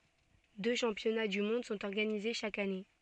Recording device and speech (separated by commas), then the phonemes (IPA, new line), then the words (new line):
soft in-ear microphone, read sentence
dø ʃɑ̃pjɔna dy mɔ̃d sɔ̃t ɔʁɡanize ʃak ane
Deux championnats du monde sont organisés chaque année.